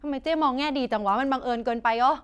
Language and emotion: Thai, frustrated